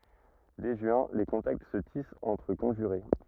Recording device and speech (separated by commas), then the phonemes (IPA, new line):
rigid in-ear microphone, read sentence
dɛ ʒyɛ̃ le kɔ̃takt sə tist ɑ̃tʁ kɔ̃ʒyʁe